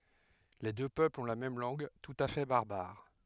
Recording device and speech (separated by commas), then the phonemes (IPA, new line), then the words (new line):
headset microphone, read sentence
le dø pøplz ɔ̃ la mɛm lɑ̃ɡ tut a fɛ baʁbaʁ
Les deux peuples ont la même langue, tout à fait barbare.